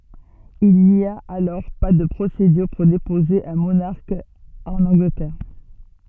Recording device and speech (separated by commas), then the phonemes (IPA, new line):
soft in-ear microphone, read sentence
il ni a alɔʁ pa də pʁosedyʁ puʁ depoze œ̃ monaʁk ɑ̃n ɑ̃ɡlətɛʁ